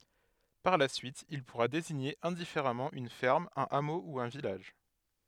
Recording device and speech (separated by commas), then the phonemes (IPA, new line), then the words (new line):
headset microphone, read sentence
paʁ la syit il puʁa deziɲe ɛ̃difeʁamɑ̃ yn fɛʁm œ̃n amo u œ̃ vilaʒ
Par la suite, il pourra désigner indifféremment une ferme, un hameau ou un village.